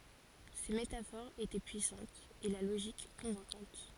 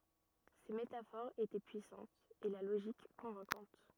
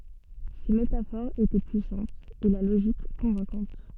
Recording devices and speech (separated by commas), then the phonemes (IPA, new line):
forehead accelerometer, rigid in-ear microphone, soft in-ear microphone, read sentence
se metafoʁz etɛ pyisɑ̃tz e la loʒik kɔ̃vɛ̃kɑ̃t